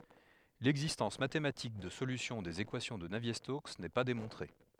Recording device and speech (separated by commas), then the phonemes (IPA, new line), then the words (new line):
headset microphone, read sentence
lɛɡzistɑ̃s matematik də solysjɔ̃ dez ekwasjɔ̃ də navje stoks nɛ pa demɔ̃tʁe
L'existence mathématique de solutions des équations de Navier-Stokes n'est pas démontrée.